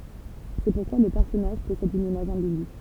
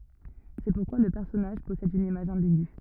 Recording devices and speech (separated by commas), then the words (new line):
temple vibration pickup, rigid in-ear microphone, read sentence
C'est pourquoi le personnage possède une image ambiguë.